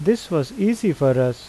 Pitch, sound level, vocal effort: 160 Hz, 85 dB SPL, normal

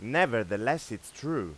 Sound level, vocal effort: 94 dB SPL, loud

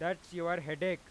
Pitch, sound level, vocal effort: 175 Hz, 99 dB SPL, very loud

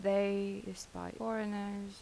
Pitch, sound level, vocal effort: 200 Hz, 81 dB SPL, soft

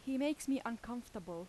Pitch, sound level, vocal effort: 240 Hz, 85 dB SPL, loud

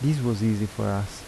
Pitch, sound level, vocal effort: 110 Hz, 79 dB SPL, soft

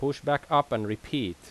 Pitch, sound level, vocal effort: 140 Hz, 87 dB SPL, loud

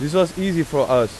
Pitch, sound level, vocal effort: 160 Hz, 93 dB SPL, loud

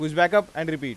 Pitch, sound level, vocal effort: 160 Hz, 97 dB SPL, loud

